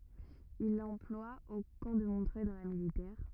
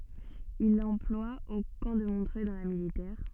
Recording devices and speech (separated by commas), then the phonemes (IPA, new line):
rigid in-ear microphone, soft in-ear microphone, read sentence
il lɑ̃plwa o kɑ̃ də mɔ̃tʁœj dɑ̃ la militɛʁ